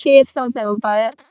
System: VC, vocoder